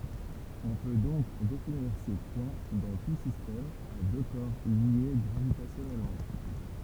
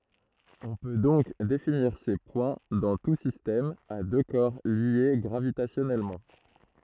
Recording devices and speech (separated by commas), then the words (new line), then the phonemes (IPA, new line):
temple vibration pickup, throat microphone, read sentence
On peut donc définir ces points dans tout système à deux corps liés gravitationnellement.
ɔ̃ pø dɔ̃k definiʁ se pwɛ̃ dɑ̃ tu sistɛm a dø kɔʁ lje ɡʁavitasjɔnɛlmɑ̃